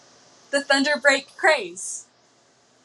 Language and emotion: English, happy